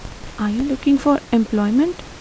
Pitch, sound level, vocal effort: 265 Hz, 79 dB SPL, soft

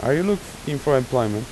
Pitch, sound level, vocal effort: 140 Hz, 87 dB SPL, normal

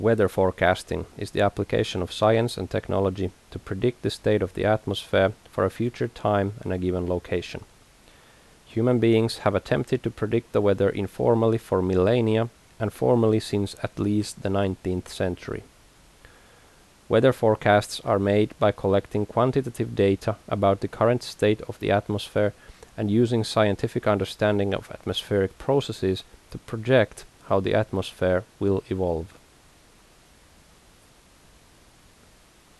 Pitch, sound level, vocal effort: 105 Hz, 80 dB SPL, normal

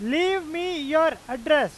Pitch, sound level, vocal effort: 310 Hz, 100 dB SPL, very loud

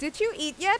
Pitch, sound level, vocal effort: 380 Hz, 94 dB SPL, loud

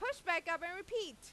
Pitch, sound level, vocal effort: 355 Hz, 100 dB SPL, very loud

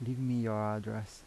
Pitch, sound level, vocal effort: 110 Hz, 82 dB SPL, soft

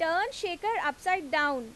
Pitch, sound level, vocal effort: 345 Hz, 93 dB SPL, loud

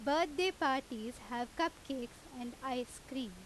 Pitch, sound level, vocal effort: 260 Hz, 89 dB SPL, very loud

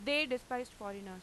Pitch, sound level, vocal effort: 250 Hz, 93 dB SPL, very loud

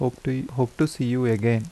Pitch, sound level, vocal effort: 125 Hz, 78 dB SPL, soft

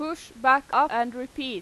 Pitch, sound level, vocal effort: 265 Hz, 96 dB SPL, very loud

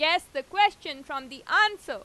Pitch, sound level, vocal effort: 310 Hz, 99 dB SPL, very loud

